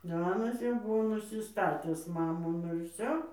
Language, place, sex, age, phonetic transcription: Lithuanian, Dzūkija, female, 60+, ˈanas jau ˈbuvo nusiˈstatis ˈmano ˈnu ir ˈvsio

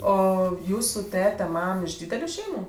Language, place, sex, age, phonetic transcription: Lithuanian, Aukštaitija, female, 18-60, ˈo ˈjūsu ˈtete ˈmam iš ˈdydeliu ˈšeimu

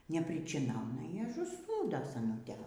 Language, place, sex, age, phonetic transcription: Lithuanian, Aukštaitija, female, 60+, nepričiˈnauna ir ažuˈsnūdo saˈnutė

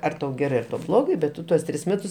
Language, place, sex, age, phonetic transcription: Lithuanian, Aukštaitija, male, 60+, ˈar tau ˈgerɜ tau ˈblogai bet ˈtu tuos ˈtris ˈmetus

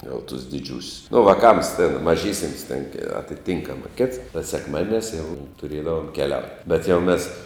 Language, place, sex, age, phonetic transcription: Lithuanian, Žemaitija, male, 60+, jau tus diˈdžiūsius nu vaˈkams tėn maˈžysims tėn atiˈtynkama kėts ta sekˈmadieˌniās jau tuˈrėdavom keˈliaut' bet jau ˈmės

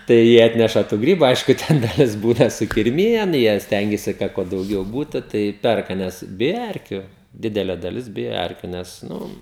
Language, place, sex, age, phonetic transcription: Lithuanian, Žemaitija, male, 18-60, tai ˈjie ˈatneša tų ˈgrybu ˈaišku ˈten daˈlis ˈbūna sukirˈmijen ˈjie ˈstengiasi ˈkad kuo dauˈgiau ˈbūtu ˈtai ˈperka ˈnes ˈbija ˈerkiu ˈdidele daˈlis ˈbija ˈerkiu nes ˈnu

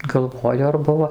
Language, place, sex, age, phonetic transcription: Lithuanian, Dzūkija, female, 60+, galˈvoju ar ˈbuvo

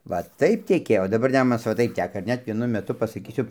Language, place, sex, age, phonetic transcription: Lithuanian, Dzūkija, male, 60+, ˈva ˈtaip teˈkėjo o daˈbar ˈnemunas ˈva ˈtaip ˈteka ir ˈnet vieˈnu meˈtu pasaˈkysiu

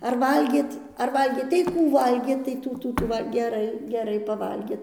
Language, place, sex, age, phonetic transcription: Lithuanian, Dzūkija, female, 60+, ar ˈvalgėt ar ˈvalgėt tai ˈkų ˈvalgėt tai ˈtų ˈtų ˈtų ˈva geˈrai geˈrai paˈvalgėt

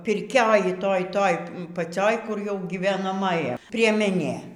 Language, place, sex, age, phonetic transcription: Lithuanian, Aukštaitija, female, 60+, pirˈkioj ˈtoj ˈtoj paˈcioj kur jau gyvenaˈmaja priemeˈnė

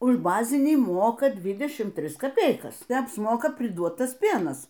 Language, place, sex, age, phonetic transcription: Lithuanian, Aukštaitija, female, 60+, už ˈbazinį ˈmoka ˈdvidešim ˈtris kaˈpeikas tai apsˈmoka priˈduot ˈtas ˈpėnas

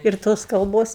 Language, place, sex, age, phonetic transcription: Lithuanian, Aukštaitija, female, 60+, ir ˈtos kalˈbos

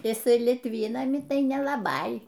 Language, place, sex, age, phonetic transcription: Lithuanian, Aukštaitija, female, 60+, jiˈsai litˈvynami ˈtai nelaˈbai

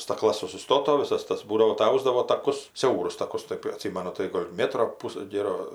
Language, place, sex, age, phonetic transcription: Lithuanian, Aukštaitija, female, 60+, stakˈlas susiˈstoto viˈsas ˈtas ˈbūdavo tai ˈaus davo taˈkus ˈsiaurus taˈkus ˈtɜp aˈtsymanu tai ˈgol' ˈmėtro ˈpus ˈgėro

